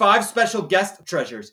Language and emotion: English, disgusted